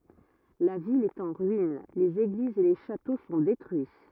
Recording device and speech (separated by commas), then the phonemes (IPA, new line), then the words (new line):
rigid in-ear microphone, read sentence
la vil ɛt ɑ̃ ʁyin lez eɡlizz e le ʃato sɔ̃ detʁyi
La ville est en ruine, les églises et les châteaux sont détruits.